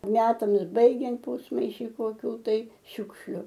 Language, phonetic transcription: Lithuanian, ˈmetams ˈbaigiant ˈpūsmaiši koˈkių tai ˈšiukšliu

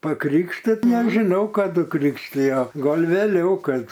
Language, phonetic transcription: Lithuanian, paˈkrikštit nežiˈnau kaˈdu ˈkrikštijo ˈgol' vėˈliau ˈkad

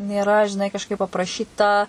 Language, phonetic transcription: Lithuanian, nėˈra žiˈnai kažˈkaip apraˈšyta

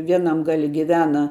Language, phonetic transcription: Lithuanian, ˈvienam ˈgali giˈvena

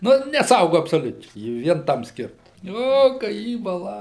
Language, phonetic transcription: Lithuanian, ˈnu neˈsaugu absoˈliučiai ˈji ˈvien ˈtam ˈskirta ˈo ka ˈjį baˈla

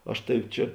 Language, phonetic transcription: Lithuanian, ˈaš ˈtavi ˈčia

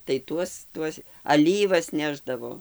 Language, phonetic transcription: Lithuanian, tai ˈtuos ˈtuos aˈlyvas ˈnešdavo

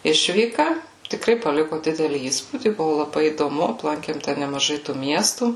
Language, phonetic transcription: Lithuanian, ˈišvyka tikˈrai paˈliku ˈdidelį ˈįspūdį ˈbuvu laˈbai įdoˈmu apˈlankėm ten nemaˈžai tų ˈmiestų

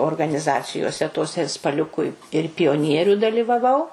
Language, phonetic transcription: Lithuanian, organiˈzacijose toˈse ir spaˈliuku i ir pijoˈnieriu dalivaˈvau

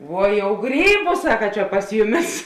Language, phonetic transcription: Lithuanian, ˈvuo jau ˈgrybu ˈsaka čia pas ˈjuˌmis

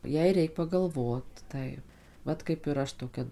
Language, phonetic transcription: Lithuanian, ˈjai ˈreik pagalˈvot ˈtaip ˈvat kaip ir ˈaš toˈkia

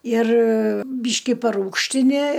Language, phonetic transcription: Lithuanian, ir ˈbyški paˈrūgštini

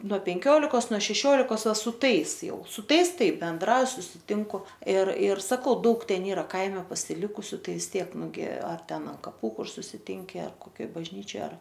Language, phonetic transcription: Lithuanian, nuo penˈkiolikos nuo šeˈšiolikos ˈva su ˈtais ˈjau su ˈtais ˈtai benˈdrauj susiˈtinku ir ir saˈkau ˈdaug ˈten ˈyra ˈkaime pasiˈlikusiu ˈtai vis ˈtiek nuˈgi ar ˈten an kaˈpų ˈkur susiˈtinki ar koˈkioj bažˈnyčioj ar

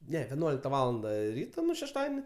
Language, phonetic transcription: Lithuanian, ˈne veˈnuolikta ˈvalanda ˈryto ˈnu šešˈtadieni

